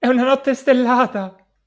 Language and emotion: Italian, happy